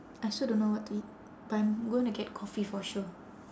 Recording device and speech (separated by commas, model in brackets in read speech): standing microphone, conversation in separate rooms